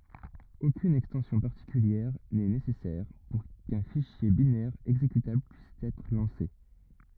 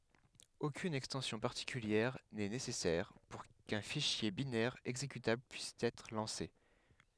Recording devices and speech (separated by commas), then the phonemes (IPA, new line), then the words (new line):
rigid in-ear microphone, headset microphone, read sentence
okyn ɛkstɑ̃sjɔ̃ paʁtikyljɛʁ nɛ nesɛsɛʁ puʁ kœ̃ fiʃje binɛʁ ɛɡzekytabl pyis ɛtʁ lɑ̃se
Aucune extension particulière n'est nécessaire pour qu'un fichier binaire exécutable puisse être lancé.